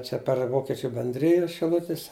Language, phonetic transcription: Lithuanian, ˈčia per ˈvokičiu benˈdrijus šiˈlutis

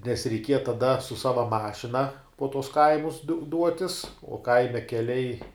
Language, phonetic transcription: Lithuanian, nes reiˈkieja taˈda su ˈsava ˈmašina po tuos ˈkaimus du ˈduotis o ˈkaime keˈliai

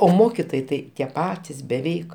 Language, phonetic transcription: Lithuanian, o ˈmokitojai ˈtai tie ˈpatis beˈveik

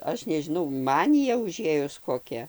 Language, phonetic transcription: Lithuanian, ˈaš nežiˈnau ˈmanija uˈžėjus koˈkia

